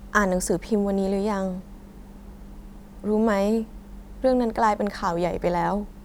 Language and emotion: Thai, sad